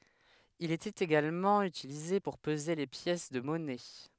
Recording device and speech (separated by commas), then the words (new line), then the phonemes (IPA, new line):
headset microphone, read sentence
Il était également utilisé pour peser les pièces de monnaies.
il etɛt eɡalmɑ̃ ytilize puʁ pəze le pjɛs də mɔnɛ